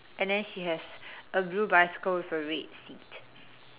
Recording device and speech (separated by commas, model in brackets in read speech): telephone, conversation in separate rooms